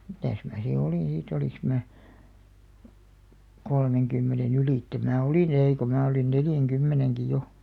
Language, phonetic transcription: Finnish, 'mitä̀s mää si 'olìn̬ sii't ‿oliŋks mää , 'kolmeŋkymmene'n ‿ylitte mää 'olì"n ‿eì ko mää olin "neljäŋ'kymmeneŋki jo .
- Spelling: mitäs minä sitten olin siitä olinko minä kolmenkymmenen ylitse minä olin ei kun minä olin neljänkymmenenkin jo

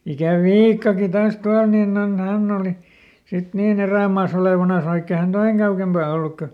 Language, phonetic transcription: Finnish, ja ˈsit , ikä "Viikkaki taas ˈtual ninn ‿on ˈhänn ‿òli , sit ˈniiˈn ‿erä̀maaˈs ‿olèvanas vaikk ‿e hän "toiŋ kaukempà olluk kö ,.
- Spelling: ja sitten ikä Viikkakin taas tuolla niin on hän oli sitten niin erämaassa olevinansa vaikka ei hän tuon kauempaa ollut kun

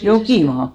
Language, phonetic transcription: Finnish, "Jokìmaa .
- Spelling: Jokimaan

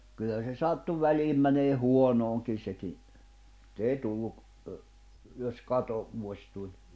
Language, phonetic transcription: Finnish, kyllä se 'sattu 'väliim mäneeh 'huonooŋkin̬ seki , [et]t ‿èi tulluk , ə , jos 'kato- , -vuoś tuĺ .
- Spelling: kyllä se sattui väliin menemään huonoonkin sekin että ei tullut - jos - katovuosi tuli

